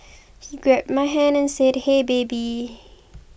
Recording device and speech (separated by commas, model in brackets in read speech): boundary microphone (BM630), read sentence